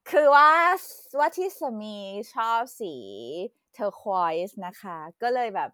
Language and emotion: Thai, happy